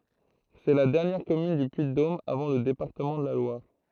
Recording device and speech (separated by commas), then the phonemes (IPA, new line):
throat microphone, read sentence
sɛ la dɛʁnjɛʁ kɔmyn dy pyiddom avɑ̃ lə depaʁtəmɑ̃ də la lwaʁ